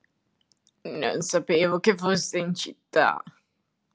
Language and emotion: Italian, disgusted